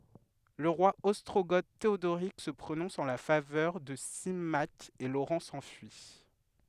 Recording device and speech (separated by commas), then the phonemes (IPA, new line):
headset microphone, read sentence
lə ʁwa ɔstʁoɡo teodoʁik sə pʁonɔ̃s ɑ̃ la favœʁ də simak e loʁɑ̃ sɑ̃fyi